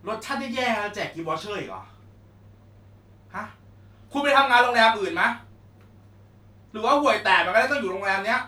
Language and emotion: Thai, angry